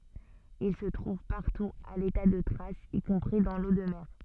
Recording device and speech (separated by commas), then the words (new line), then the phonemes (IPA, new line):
soft in-ear microphone, read sentence
Il se trouve partout à l'état de traces, y compris dans l'eau de mer.
il sə tʁuv paʁtu a leta də tʁasz i kɔ̃pʁi dɑ̃ lo də mɛʁ